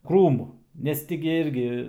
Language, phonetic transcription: Lithuanian, ˈkrūmu nes ˈti gi ˈirgi

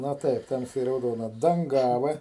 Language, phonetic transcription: Lithuanian, na ˈtaip ˈtamsiai rauˈdona danˈgava

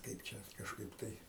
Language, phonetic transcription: Lithuanian, ˈkaip čia kažˈkaip tai

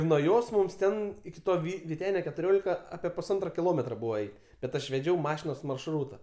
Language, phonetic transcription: Lithuanian, nuo ˈjos ˈmums ˈten iki ˈto ˈvy vyˈtenio ketuˈriolika ˈapie pusˈantro kiˈlometro ˈbūva ˈeit' bet ˈaš veˈdžiau ˈmašinos maršˈrūta

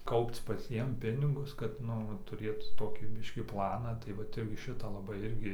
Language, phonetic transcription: Lithuanian, ˈkaupc paˈciem ˈpinigus kad ˈnu va ˈturėt ˈtokį ˈbiškį ˈplaną tai ˈvat ˈirgiˈ šitą laˈbai ˈirgi

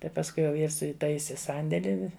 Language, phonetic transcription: Lithuanian, tai pasˈkui jau ˈjis iˈtaisi ˈsandėli

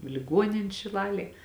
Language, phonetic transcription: Lithuanian, i liˈguonin' šiˈlalėj

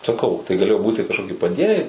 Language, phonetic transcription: Lithuanian, saˈkau tai gaˈlėjo ˈbūti kažˈkoki paˈdieniai

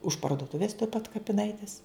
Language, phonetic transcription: Lithuanian, už parduoˈtuvės tuoj pat kapiˈnaitis

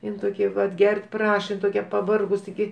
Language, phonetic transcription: Lithuanian, ˈin toˈkia vat ˈger't' ˈpraša in toˈkia paˈvargus tiˈgi

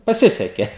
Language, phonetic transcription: Lithuanian, paˈsiseke

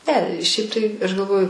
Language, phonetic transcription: Lithuanian, ˈne ˈšiaip tai ˈaš galˈvoju

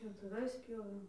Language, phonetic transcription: Lithuanian, pjautuˈvais ˈpjovėm

